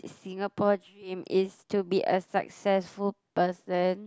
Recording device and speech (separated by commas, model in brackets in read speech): close-talking microphone, conversation in the same room